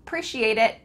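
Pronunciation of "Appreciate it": This is a relaxed way of saying 'I appreciate it': the 'I' is gone, and the phrase starts right on the p sound of 'appreciate'.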